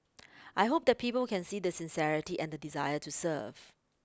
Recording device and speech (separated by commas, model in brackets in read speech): close-talking microphone (WH20), read sentence